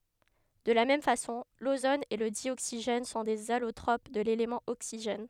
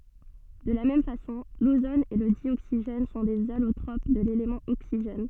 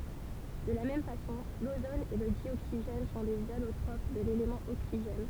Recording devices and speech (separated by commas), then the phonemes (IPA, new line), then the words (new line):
headset microphone, soft in-ear microphone, temple vibration pickup, read sentence
də la mɛm fasɔ̃ lozon e lə djoksiʒɛn sɔ̃ dez alotʁop də lelemɑ̃ oksiʒɛn
De la même façon, l'ozone et le dioxygène sont des allotropes de l'élément oxygène.